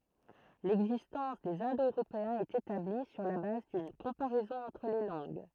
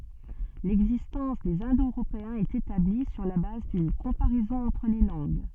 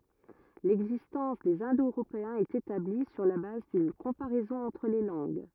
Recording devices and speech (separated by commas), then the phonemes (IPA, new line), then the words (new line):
throat microphone, soft in-ear microphone, rigid in-ear microphone, read sentence
lɛɡzistɑ̃s dez ɛ̃do øʁopeɛ̃z ɛt etabli syʁ la baz dyn kɔ̃paʁɛzɔ̃ ɑ̃tʁ le lɑ̃ɡ
L'existence des Indo-Européens est établie sur la base d'une comparaison entre les langues.